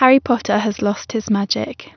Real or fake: real